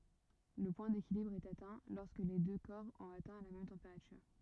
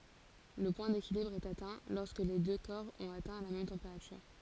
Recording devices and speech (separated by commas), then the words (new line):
rigid in-ear microphone, forehead accelerometer, read sentence
Le point d'équilibre est atteint lorsque les deux corps ont atteint la même température.